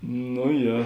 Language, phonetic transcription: Lithuanian, no ˈje

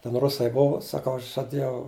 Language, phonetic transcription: Lithuanian, ten ˈrusai ˈbuvu saˈkau ˈaš žaˈdėjau

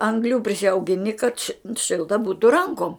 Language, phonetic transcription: Lithuanian, angˈlių prisiaugiˈni kad ši ˈšilta ˈbūtu ˈrankom

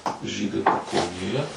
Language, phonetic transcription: Lithuanian, ˈžydai pakaunėˈje

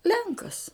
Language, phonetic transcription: Lithuanian, ˈlenkas

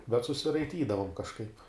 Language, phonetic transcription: Lithuanian, bet susiraiˈtydavom kažˈkaip

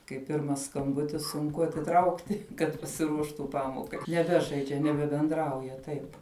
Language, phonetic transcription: Lithuanian, kai ˈpirmas skamˈbutis sunˈku atiˈtraukti kad pasiˈruoštų ˈpamokai neˈbežaidžia nebebenˈdrauja ˈtaip

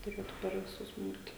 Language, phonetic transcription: Lithuanian, tuˈrėtu per viˈsus ˈbūt

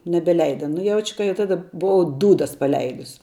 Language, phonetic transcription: Lithuanian, nebeˈleida nu ˈjauč' ka jau ˈtada buˈvau ˈdūdas paˈleidus

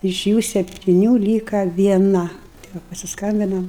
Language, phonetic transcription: Lithuanian, iš ˈjų septiˈnių ˈlyka vieˈna tai ˈva pasisˈkambinam

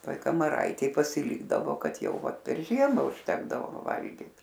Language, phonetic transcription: Lithuanian, ˈtoj kamaˈraitėj pasiˈlykdavo ˈkad ˈjau ˈvat per ˈžiemą užˈtekdavo ˈva ˈvalgyt

